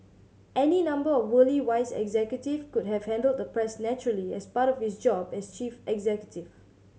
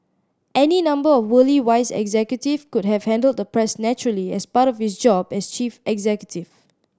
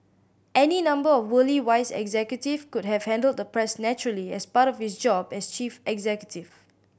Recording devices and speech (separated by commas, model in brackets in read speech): mobile phone (Samsung C7100), standing microphone (AKG C214), boundary microphone (BM630), read sentence